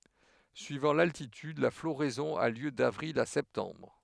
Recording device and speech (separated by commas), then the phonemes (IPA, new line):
headset microphone, read sentence
syivɑ̃ laltityd la floʁɛzɔ̃ a ljø davʁil a sɛptɑ̃bʁ